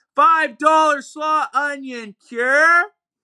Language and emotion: English, surprised